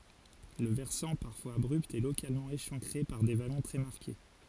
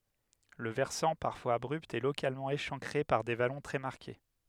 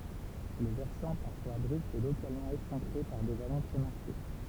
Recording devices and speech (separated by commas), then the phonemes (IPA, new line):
forehead accelerometer, headset microphone, temple vibration pickup, read sentence
lə vɛʁsɑ̃ paʁfwaz abʁypt ɛ lokalmɑ̃ eʃɑ̃kʁe paʁ de valɔ̃ tʁɛ maʁke